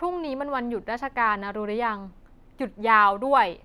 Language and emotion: Thai, frustrated